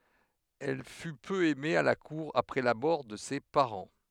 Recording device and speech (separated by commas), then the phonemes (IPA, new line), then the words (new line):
headset microphone, read sentence
ɛl fy pø ɛme a la kuʁ apʁɛ la mɔʁ də se paʁɑ̃
Elle fut peu aimée à la cour après la mort de ses parents.